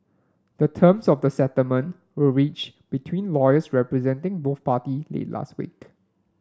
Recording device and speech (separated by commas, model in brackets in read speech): standing microphone (AKG C214), read sentence